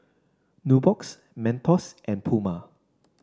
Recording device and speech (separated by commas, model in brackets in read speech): standing microphone (AKG C214), read sentence